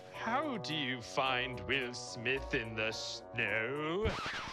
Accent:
in british accent